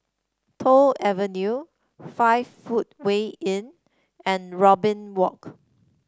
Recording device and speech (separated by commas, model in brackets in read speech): standing microphone (AKG C214), read sentence